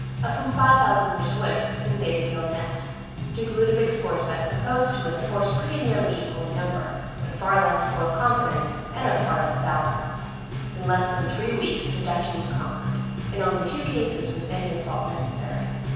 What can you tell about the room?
A very reverberant large room.